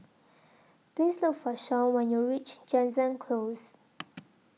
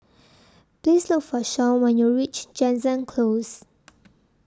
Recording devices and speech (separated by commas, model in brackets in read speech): mobile phone (iPhone 6), standing microphone (AKG C214), read sentence